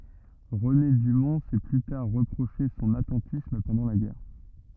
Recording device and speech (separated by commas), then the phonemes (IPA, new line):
rigid in-ear microphone, read sentence
ʁəne dymɔ̃ sɛ ply taʁ ʁəpʁoʃe sɔ̃n atɑ̃tism pɑ̃dɑ̃ la ɡɛʁ